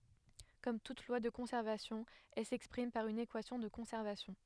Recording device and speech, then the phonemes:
headset microphone, read sentence
kɔm tut lwa də kɔ̃sɛʁvasjɔ̃ ɛl sɛkspʁim paʁ yn ekwasjɔ̃ də kɔ̃sɛʁvasjɔ̃

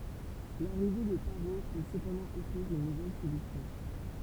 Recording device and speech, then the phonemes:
temple vibration pickup, read sentence
laʁive də paʁo pø səpɑ̃dɑ̃ ɔfʁiʁ yn nuvɛl solysjɔ̃

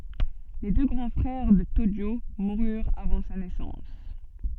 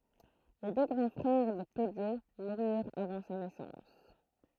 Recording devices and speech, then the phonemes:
soft in-ear microphone, throat microphone, read sentence
le dø ɡʁɑ̃ fʁɛʁ də toʒo muʁyʁt avɑ̃ sa nɛsɑ̃s

